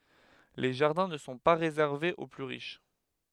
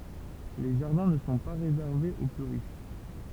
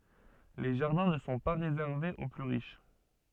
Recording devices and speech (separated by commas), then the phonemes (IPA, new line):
headset microphone, temple vibration pickup, soft in-ear microphone, read sentence
le ʒaʁdɛ̃ nə sɔ̃ pa ʁezɛʁvez o ply ʁiʃ